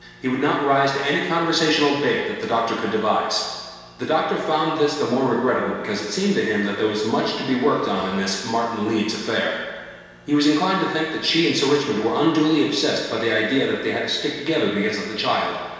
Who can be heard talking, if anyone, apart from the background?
One person.